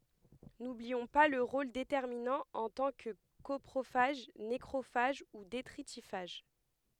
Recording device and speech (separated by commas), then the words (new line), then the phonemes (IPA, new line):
headset microphone, read sentence
N'oublions pas leur rôle déterminant en tant que coprophages, nécrophages ou détritiphages.
nubliɔ̃ pa lœʁ ʁol detɛʁminɑ̃ ɑ̃ tɑ̃ kə kɔpʁofaʒ nekʁofaʒ u detʁitifaʒ